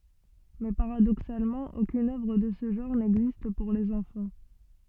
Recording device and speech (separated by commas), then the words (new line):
soft in-ear microphone, read sentence
Mais paradoxalement, aucune œuvre de ce genre n'existe pour les enfants.